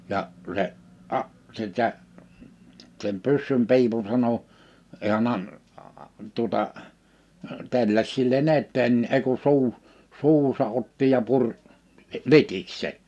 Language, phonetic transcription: Finnish, 'ja , 'se , 'a- , 'sitä , sem 'pyssym'pi̬ipun 'sano , 'hiän ‿an- , tuᵒta , 'telläs 'sille"n ‿etteen n(i) ei ku 'suu- , 'suuhusa '’otti ja 'puŕ , 'litiks 'sen̬ .
- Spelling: ja se - sitä sen pyssynpiipun sanoi hän - tuota telläsi sillä tavalla eteen niin ei kuin - suuhunsa otti ja puri litiksi sen

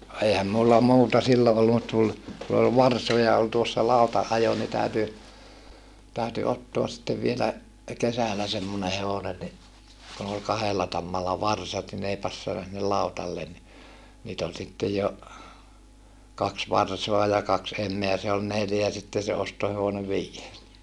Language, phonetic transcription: Finnish, no eihäm mulla muuta sillo ollu mut tul , ku ol varsoja ol tuossa lautaʼʼajo ni tä̀yty , tä̀yty ottoas sⁱttev vielä , kesälä semmone hevonen ni , kun ‿ol kahella tammalla varsat ni n ‿ei passana sinnel lautallen ni , niit ‿ol sittej jo , kaks varsoa ja kaks em̆meä se ol neljä ja sitten̬ se ostohevone vii₍ees (ni) , .
- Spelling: no eihän minulla muuta silloin ollut mutta tuli kun oli varsoja oli tuossa lautanajo niin täytyi täytyi ottaa sitten vielä kesällä semmoinen hevonen niin kun oli kahdella tammalla varsat niin ne ei passannut sinne lautalle niin niitä oli sitten jo kaksi varsaa ja kaksi emää se oli neljä ja sitten se ostohevonen viides niin

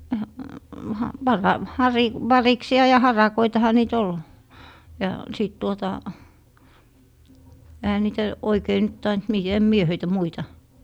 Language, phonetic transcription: Finnish, ha- , 'varav- , 'hari- , 'variksi₍a ja 'harakoitaha nii't ‿ol , ja 'sìt tuota , ehä niitä , 'oikei nyt 'taint mi- , em 'mie 'höitä 'muita ,.
- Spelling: - - - variksia ja harakoitahan niitä oli ja sitten tuota eihän niitä oikein nyt tainnut - en minä heitä muita

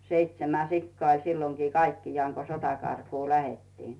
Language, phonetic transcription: Finnish, 'seitsemä 'sikkaa oĺ silloŋki 'kaikkijaaŋ ko 'sotakarkuu "lähettiin .
- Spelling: seitsemän sikaa oli silloinkin kaikkiaan kun sotakarkuun lähdettiin

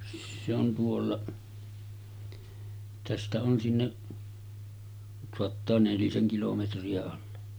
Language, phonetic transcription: Finnish, se ‿on tuolla , tästä on 'sinneˀ , soattaa 'neliseŋ 'kilometri₍a olla .
- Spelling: se on tuolla tästä on sinne saattaa nelisen kilometriä olla

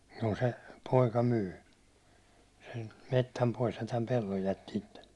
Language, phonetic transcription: Finnish, juu se , 'poika 'myy , sem mettäm 'pois ja täm 'pelloj jätti 'ittellᴇ .
- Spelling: juu se poika myi sen metsän pois ja tämän pellon jätti itselle

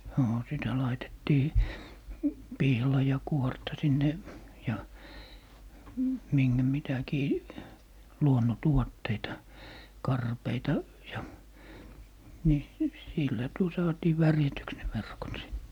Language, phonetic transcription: Finnish, 'noo sitä 'laitettii , "pihlajakuorta 'sinne , ja , miŋGä 'mitäkii , "luonno'tuotteita , "karpeita , ja , ni , sillä 'tuo saatii "värjätyks ne 'verkot sit .
- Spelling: no sitä laitettiin pihlajankuorta sinne ja minkä mitäkin luonnontuotteita karpeita ja niin sillä tuo saatiin värjätyksi ne verkot sitten

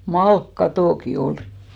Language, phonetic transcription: Finnish, "malk'katòki 'olɪ .
- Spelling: malkakatotkin oli

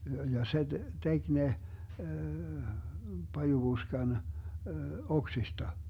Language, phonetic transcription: Finnish, ja 'se "tek 'ne , 'pajuBuskan , 'oksista .
- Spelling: ja se teki ne pajupuskan oksista

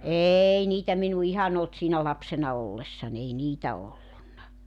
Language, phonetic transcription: Finnish, "eei 'niitä minu "ihan ‿olt siina̳§ 'lapsena 'ollessan ‿ei "niitä 'ollunna .
- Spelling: ei niitä minun ihan ollut siinä lapsena ollessani ei niitä ollut

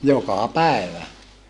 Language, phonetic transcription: Finnish, jokà pä̀evä .
- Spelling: joka päivä

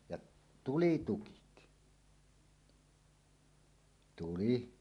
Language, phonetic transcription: Finnish, jaˀ , "tuli 'tukit , 'tuli .
- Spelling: ja tuli tukit tuli

